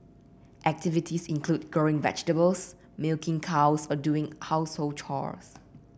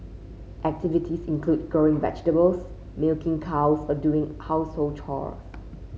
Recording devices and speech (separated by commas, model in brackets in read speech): boundary microphone (BM630), mobile phone (Samsung C5), read sentence